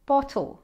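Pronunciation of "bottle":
'Bottle' is said the standard British way: the t is pronounced as a t, not as a flapped d.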